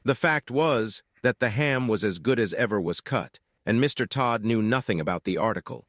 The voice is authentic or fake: fake